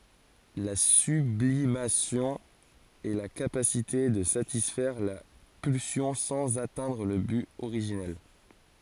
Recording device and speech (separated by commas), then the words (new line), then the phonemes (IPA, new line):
forehead accelerometer, read sentence
La sublimation est la capacité de satisfaire la pulsion sans atteindre le but originel.
la syblimasjɔ̃ ɛ la kapasite də satisfɛʁ la pylsjɔ̃ sɑ̃z atɛ̃dʁ lə byt oʁiʒinɛl